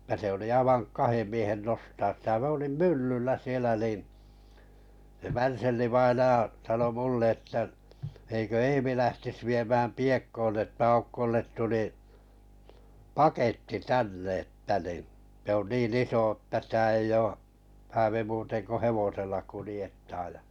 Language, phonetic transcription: Finnish, [et]tä se oli aivaŋ 'kahem 'miehen 'nostaas sⁱtä m ‿olim "myllyllä sielä niin̬ , se 'Värsellḭ-vainaʲa sano 'mulle ‿että » eikö 'Eemi lähtis 'viemääm 'Piekkoon että 'Aukkollet tuli , "paketti "tänne « että ni , » se 'niin 'iso ᵊtä sⁱtä 'ei oo , 'häävi muuuen ko "hevosella 'kulⁱjettaaj « 'ja .
- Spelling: että se oli aivan kahden miehen nostaa sitä minä olin myllyllä siellä niin se Värselli-vainaja sanoi minulle että eikö Eemi lähtisi viemään Piekkoon että Aukolle tuli paketti tänne että niin se niin iso että sitä ei ole häävi muuten kuin hevosella kuljettaa ja

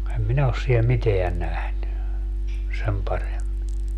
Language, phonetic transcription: Finnish, 'em 'minä os siel "miteä 'nähny , 'sem paremmi .
- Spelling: en minä ole siellä mitään nähnyt sen paremmin

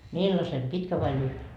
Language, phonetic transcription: Finnish, » "millase , 'pitkä vai 'lyhve ? »
- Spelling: millaisen pitkän vai lyhyen

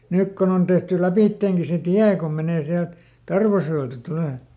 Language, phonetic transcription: Finnish, ˈnyk kon ‿on tehty ˈläpìtteeŋki se "tiä kom ˈmenè ˈsiält , "Tarvasjo₍elta ˈtulè .
- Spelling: nyt kun on tehty lävitsekin se tie kun menee sieltä Tarvasjoelta tulee

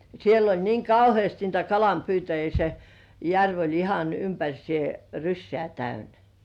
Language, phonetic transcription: Finnish, siel ‿oĺ niiŋ "kauhĭèst niitä 'kalampyytäjii se , "järv oĺ ihan 'ympäŕsĭè , "ryssĕä̀ täynä .
- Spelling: siellä oli niin kauheasti niitä kalanpyytäjiä se järvi oli ihan ympäriinsä rysää täynnä

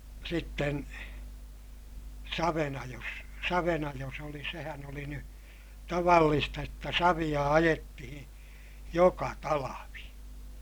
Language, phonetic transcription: Finnish, sitten , savenajos , savenajos oliḭ sehän ‿oli ny , tavallista jotta saviʲa ajettihiḭ , joka talavi .
- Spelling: sitten savenajossa savenajossa oli sehän oli nyt tavallista jotta savea ajettiin joka talvi

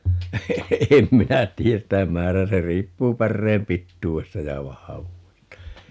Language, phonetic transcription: Finnish, 'em 'minä 'tii₍äs "sitä 'määrää - 'se 'riippuu 'pärreem "pittuu₍esta ja 'vahavuu₍esta .
- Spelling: en minä tiedä sitä määrää se riippuu päreen pituudesta ja vahvuudesta

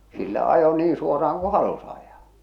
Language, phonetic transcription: Finnish, sillä ajo 'niin 'suora₍aŋ ku "halus ajaa .
- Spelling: sillä ajoi niin suoraan kun halusi ajaa

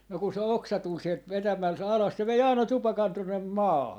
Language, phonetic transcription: Finnish, no ku se "oksa 'tul sielt 'vetämäl(s-,) 'alas se 'vei "àina "tupakan 'tuᵒnne , "maaha .
- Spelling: no kun se oksa tuli sieltä vetämällä alas se vei aina tupakan tuonne maahan

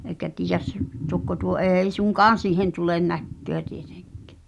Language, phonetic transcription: Finnish, eĭkä tiijäs , 'tokko tuo "e̳e̳i suŋ'kaan̬ siihen tulen 'näkköä tietᴇᴎk̆kᴀ̳̈ .
- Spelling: eikä tiedä tokko tuo ei suinkaan siihen tule näköä tietenkään

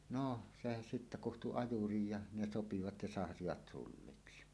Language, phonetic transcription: Finnish, 'nò , se sittä 'kuhtu "ajurij ja "ne "sopivat ja 'sahavat sulliksi .
- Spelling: no se sitten kutsui ajurin ja ne sopivat ja sahasivat sulliksi

